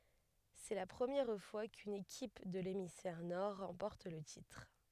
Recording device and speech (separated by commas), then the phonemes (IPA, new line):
headset microphone, read sentence
sɛ la pʁəmjɛʁ fwa kyn ekip də lemisfɛʁ nɔʁ ʁɑ̃pɔʁt lə titʁ